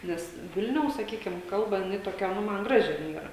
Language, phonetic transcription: Lithuanian, ˈnes ˈvilniaus saˈkykim ˈkalba jiˈnai toˈkia ˈnu ˈman ˈgraži jin ˈyra

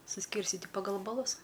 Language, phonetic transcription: Lithuanian, suˈskyrstiti paˈgal baˈlus

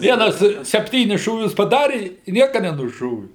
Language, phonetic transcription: Lithuanian, ˈvienas sepˈtynis šūˈvius paˈdari i ˈnieka nenuˈšovi

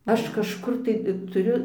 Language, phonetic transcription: Lithuanian, ˈaš kažˈkur tai tuˈriu

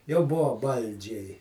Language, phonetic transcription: Lithuanian, jau ˈbuvo ˈbaldžiai

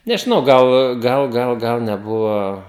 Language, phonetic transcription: Lithuanian, nežiˈnau ˈgal ˈgal ˈgal gal neˈbuvo

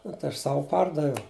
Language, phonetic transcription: Lithuanian, nu tai ˈaš ˈsavu ˈpardaviau

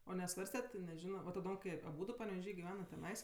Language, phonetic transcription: Lithuanian, o neˈsvarstet' ti neˈžino va taˈdom kai aˈbūdu paneveˈžy giˈvenat teˈnais

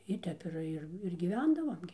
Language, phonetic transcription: Lithuanian, i ˈtep ir ˈir ir gyˈvendavom gi

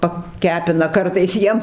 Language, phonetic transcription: Lithuanian, paˈkepina ˈkartais ˈjiem

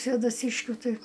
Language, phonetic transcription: Lithuanian, svėdaˈsyškiu ˈtai

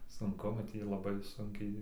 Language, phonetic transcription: Lithuanian, sunˈku nu ˈtį ir laˈbai ˈsunkiai

